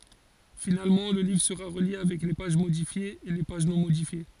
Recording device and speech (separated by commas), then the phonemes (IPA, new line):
forehead accelerometer, read sentence
finalmɑ̃ lə livʁ səʁa ʁəlje avɛk le paʒ modifjez e le paʒ nɔ̃ modifje